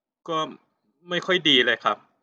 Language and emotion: Thai, frustrated